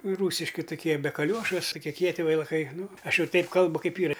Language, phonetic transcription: Lithuanian, ˈrūsiški tuˈkie be kaˈliuošu su kie ˈkieti veilaˈkai ˈnu ˈaš ˈjau ˈtaip ˈkalbu ˈkaip ˈyra

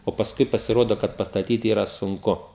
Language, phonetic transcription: Lithuanian, o pasˈkui pasiˈrodo kad pastaˈtyt ˈyra sunˈku

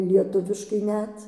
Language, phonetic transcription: Lithuanian, lieˈtuviškai ˈnet

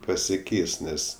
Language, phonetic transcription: Lithuanian, pasiˈkeis ˈnes

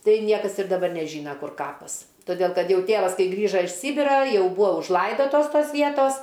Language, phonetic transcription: Lithuanian, ˈtai ˈniekas ir daˈbar neˈžyna ˈkur ˈkapas toˈdėl ˈkad ˈjau ˈtėvas ˈkai ˈgrįža iš ˈsybira ˈjau ˈbūa užˈlaidotos ˈtos ˈvietos

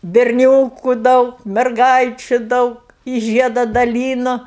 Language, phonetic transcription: Lithuanian, berˈnioku ˈdaug merˈgaičiu ˈdaug i ˈžieda daˈlynu

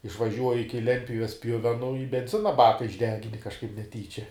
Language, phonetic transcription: Lithuanian, išvaˈžiuoji ˈiki ˈlentpjuves ˈpjuvenu i benˈzina ˈbaka išˈdegini kažˈkaip neˈtyčia

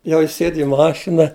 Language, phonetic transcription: Lithuanian, ˈjau ˈjis ˈsėd i ˈmašina

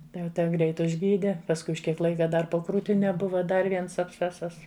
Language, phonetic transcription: Lithuanian, ˈtai jau ˈte ˈgreit užˈgyde pasˈkui už ˈkiek ˈlaika ˈdar po krūtiˈne ˈbuva ˈdar ˈviens abˈscesas

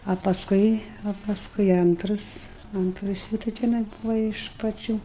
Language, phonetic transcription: Lithuanian, a pasˈkui a pasˈkui ˈantras ˈantras jų tai teˈnai ˈbūva iš paˈčių

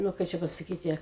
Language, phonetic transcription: Lithuanian, ˈnu ˈkai čia pasaˈkyti

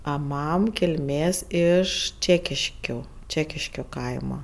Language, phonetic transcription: Lithuanian, a ˈmam kilˈmės iš ˈčekiškio ˈčekiškio ˈkaima

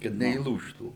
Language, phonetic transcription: Lithuanian, kad neįˈlūžtų

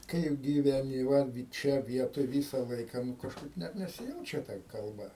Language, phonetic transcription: Lithuanian, ˈkaip gyveˈni ˈva ˈčia ˈvietoj ˈvysa ˈlaiką nu kažˈkaip ˈnet nesiˈjaučia ta kalˈba

